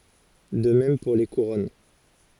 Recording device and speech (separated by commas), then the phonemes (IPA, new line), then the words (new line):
forehead accelerometer, read sentence
də mɛm puʁ le kuʁɔn
De même pour les couronnes.